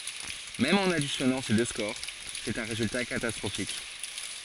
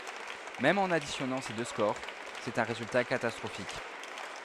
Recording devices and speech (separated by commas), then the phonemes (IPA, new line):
forehead accelerometer, headset microphone, read sentence
mɛm ɑ̃n adisjɔnɑ̃ se dø skoʁ sɛt œ̃ ʁezylta katastʁofik